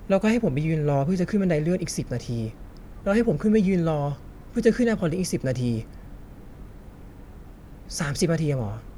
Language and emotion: Thai, frustrated